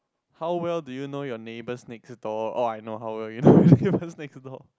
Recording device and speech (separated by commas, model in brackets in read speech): close-talking microphone, conversation in the same room